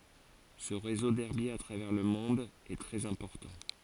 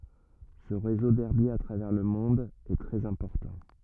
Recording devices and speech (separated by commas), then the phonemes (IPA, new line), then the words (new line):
forehead accelerometer, rigid in-ear microphone, read sentence
sə ʁezo dɛʁbjez a tʁavɛʁ lə mɔ̃d ɛ tʁɛz ɛ̃pɔʁtɑ̃
Ce réseau d'herbiers à travers le monde est très important.